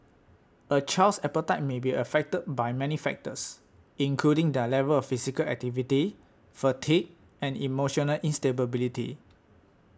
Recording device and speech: standing microphone (AKG C214), read sentence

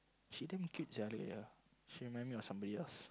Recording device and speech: close-talking microphone, conversation in the same room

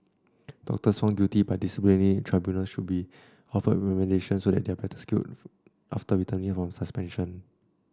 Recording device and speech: standing microphone (AKG C214), read sentence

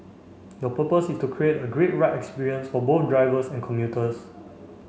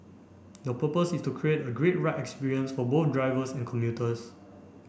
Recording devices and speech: mobile phone (Samsung C5), boundary microphone (BM630), read sentence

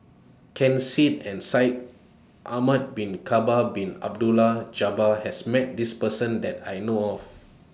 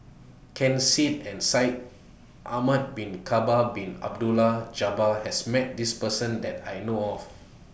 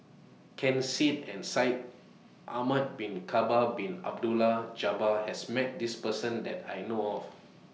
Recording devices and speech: standing microphone (AKG C214), boundary microphone (BM630), mobile phone (iPhone 6), read sentence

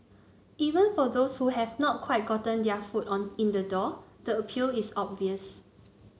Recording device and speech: mobile phone (Samsung C9), read sentence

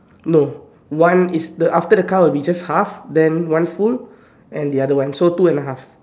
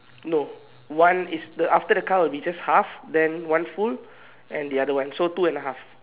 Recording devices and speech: standing microphone, telephone, conversation in separate rooms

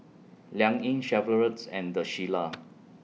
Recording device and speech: mobile phone (iPhone 6), read sentence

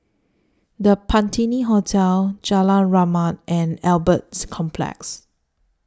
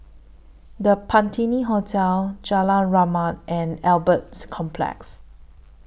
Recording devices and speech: standing microphone (AKG C214), boundary microphone (BM630), read sentence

